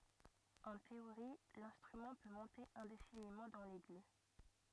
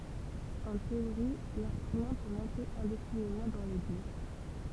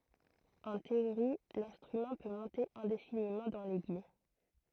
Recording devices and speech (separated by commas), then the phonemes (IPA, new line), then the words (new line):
rigid in-ear microphone, temple vibration pickup, throat microphone, read sentence
ɑ̃ teoʁi lɛ̃stʁymɑ̃ pø mɔ̃te ɛ̃definimɑ̃ dɑ̃ lɛɡy
En théorie, l'instrument peut monter indéfiniment dans l'aigu.